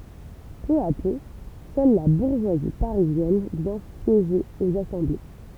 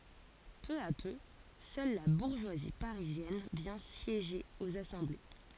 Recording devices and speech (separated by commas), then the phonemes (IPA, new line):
temple vibration pickup, forehead accelerometer, read sentence
pø a pø sœl la buʁʒwazi paʁizjɛn vjɛ̃ sjeʒe oz asɑ̃ble